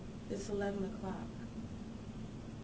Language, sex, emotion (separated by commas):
English, female, neutral